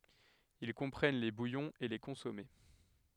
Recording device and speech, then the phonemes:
headset microphone, read sentence
il kɔ̃pʁɛn le bujɔ̃z e le kɔ̃sɔme

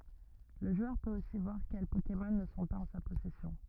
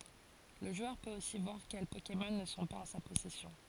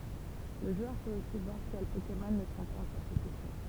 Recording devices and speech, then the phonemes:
rigid in-ear microphone, forehead accelerometer, temple vibration pickup, read sentence
lə ʒwœʁ pøt osi vwaʁ kɛl pokemɔn nə sɔ̃ paz ɑ̃ sa pɔsɛsjɔ̃

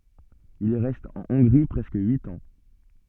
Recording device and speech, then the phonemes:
soft in-ear microphone, read sentence
il ʁɛst ɑ̃ ɔ̃ɡʁi pʁɛskə yit ɑ̃

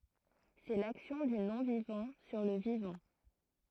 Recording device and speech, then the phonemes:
throat microphone, read sentence
sɛ laksjɔ̃ dy nɔ̃vivɑ̃ syʁ lə vivɑ̃

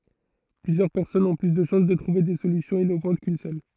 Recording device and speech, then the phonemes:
throat microphone, read sentence
plyzjœʁ pɛʁsɔnz ɔ̃ ply də ʃɑ̃s də tʁuve de solysjɔ̃z inovɑ̃t kyn sœl

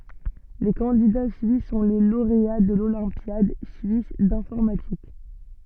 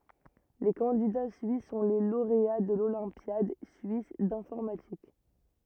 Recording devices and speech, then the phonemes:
soft in-ear microphone, rigid in-ear microphone, read sentence
le kɑ̃dida syis sɔ̃ le loʁea də lolɛ̃pjad syis dɛ̃fɔʁmatik

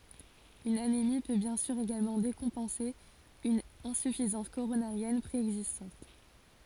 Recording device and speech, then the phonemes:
forehead accelerometer, read sentence
yn anemi pø bjɛ̃ syʁ eɡalmɑ̃ dekɔ̃pɑ̃se yn ɛ̃syfizɑ̃s koʁonaʁjɛn pʁeɛɡzistɑ̃t

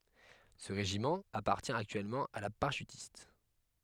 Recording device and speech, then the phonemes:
headset microphone, read sentence
sə ʁeʒimɑ̃ apaʁtjɛ̃ aktyɛlmɑ̃ a la paʁaʃytist

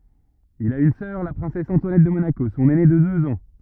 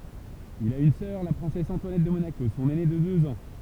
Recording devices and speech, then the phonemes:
rigid in-ear microphone, temple vibration pickup, read sentence
il a yn sœʁ la pʁɛ̃sɛs ɑ̃twanɛt də monako sɔ̃n ɛne də døz ɑ̃

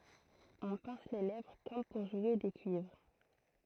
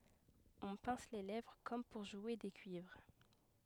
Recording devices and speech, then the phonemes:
throat microphone, headset microphone, read sentence
ɔ̃ pɛ̃s le lɛvʁ kɔm puʁ ʒwe de kyivʁ

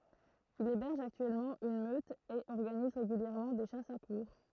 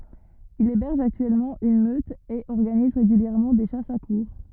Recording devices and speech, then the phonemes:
throat microphone, rigid in-ear microphone, read sentence
il ebɛʁʒ aktyɛlmɑ̃ yn møt e ɔʁɡaniz ʁeɡyljɛʁmɑ̃ de ʃasz a kuʁʁ

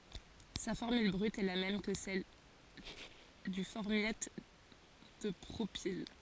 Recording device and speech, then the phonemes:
forehead accelerometer, read sentence
sa fɔʁmyl bʁyt ɛ la mɛm kə sɛl dy fɔʁmjat də pʁopil

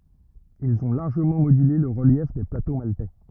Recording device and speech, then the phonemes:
rigid in-ear microphone, read sentence
ilz ɔ̃ laʁʒəmɑ̃ modyle lə ʁəljɛf de plato maltɛ

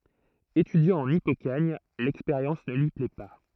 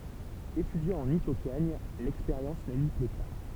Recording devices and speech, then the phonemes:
throat microphone, temple vibration pickup, read sentence
etydjɑ̃ ɑ̃n ipokaɲ lɛkspeʁjɑ̃s nə lyi plɛ pa

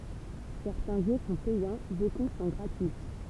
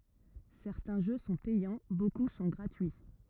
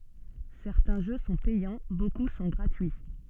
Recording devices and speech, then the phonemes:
temple vibration pickup, rigid in-ear microphone, soft in-ear microphone, read sentence
sɛʁtɛ̃ ʒø sɔ̃ pɛjɑ̃ boku sɔ̃ ɡʁatyi

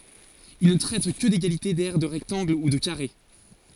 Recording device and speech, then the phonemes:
forehead accelerometer, read sentence
il nə tʁɛt kə deɡalite dɛʁ də ʁɛktɑ̃ɡl u də kaʁe

